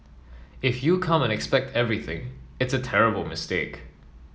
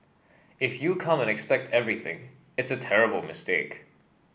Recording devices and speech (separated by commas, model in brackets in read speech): mobile phone (iPhone 7), boundary microphone (BM630), read sentence